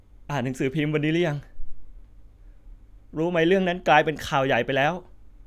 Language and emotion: Thai, sad